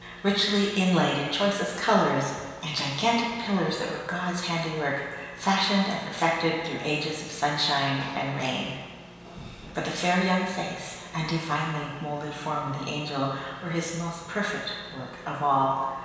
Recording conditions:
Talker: one person; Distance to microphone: 1.7 m; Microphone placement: close; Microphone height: 1.0 m; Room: very reverberant, large; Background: none

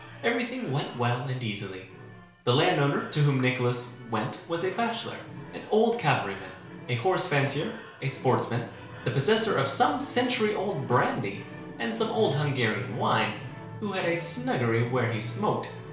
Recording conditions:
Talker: one person; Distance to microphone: 1.0 m; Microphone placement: close; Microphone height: 1.1 m; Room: small (3.7 m by 2.7 m); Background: television

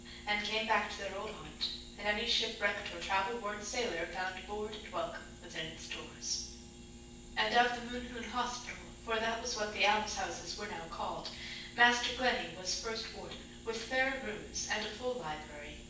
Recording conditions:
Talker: one person; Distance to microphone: 9.8 m; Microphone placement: far; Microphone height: 1.8 m; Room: large; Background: none

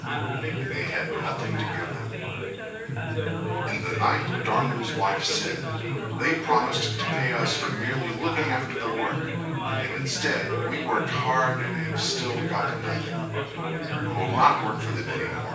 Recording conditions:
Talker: one person; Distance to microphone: 9.8 m; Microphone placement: far; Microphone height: 1.8 m; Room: large; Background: babble

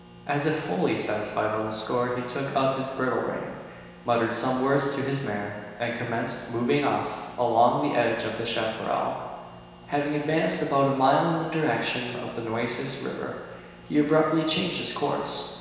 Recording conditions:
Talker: one person; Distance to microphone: 1.7 m; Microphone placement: close; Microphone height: 1.0 m; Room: very reverberant, large; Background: none

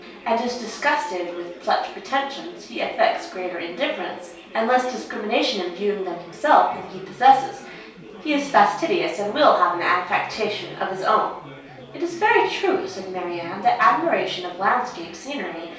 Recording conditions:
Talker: one person; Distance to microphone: 3.0 m; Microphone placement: far; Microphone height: 1.8 m; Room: small (3.7 m by 2.7 m); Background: babble

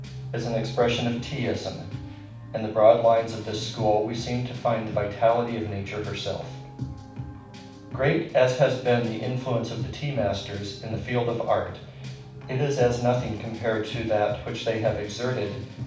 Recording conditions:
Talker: one person; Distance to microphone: 5.8 m; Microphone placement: far; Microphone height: 1.8 m; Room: medium-sized (5.7 m by 4.0 m); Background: music

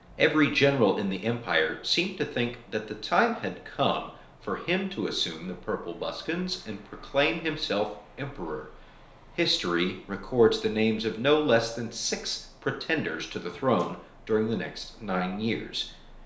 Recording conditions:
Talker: one person; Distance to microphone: 1.0 m; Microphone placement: close; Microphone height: 1.1 m; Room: small (3.7 m by 2.7 m); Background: none

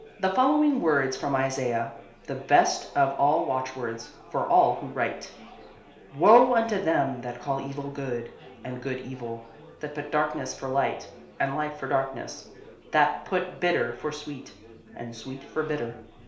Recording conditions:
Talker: one person; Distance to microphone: 1.0 m; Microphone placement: close; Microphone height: 1.1 m; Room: small (3.7 m by 2.7 m); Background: babble

